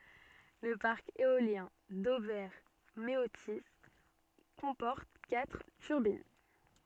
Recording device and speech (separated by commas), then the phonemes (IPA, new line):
soft in-ear microphone, read sentence
lə paʁk eoljɛ̃ dovɛʁ meoti kɔ̃pɔʁt katʁ tyʁbin